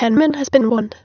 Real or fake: fake